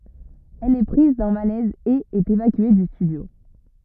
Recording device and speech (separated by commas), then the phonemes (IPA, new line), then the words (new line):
rigid in-ear microphone, read sentence
ɛl ɛ pʁiz dœ̃ malɛz e ɛt evakye dy stydjo
Elle est prise d'un malaise et est évacuée du studio.